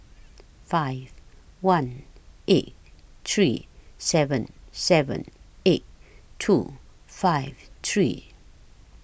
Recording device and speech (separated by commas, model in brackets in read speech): boundary microphone (BM630), read sentence